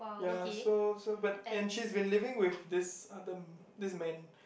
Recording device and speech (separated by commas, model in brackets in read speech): boundary microphone, conversation in the same room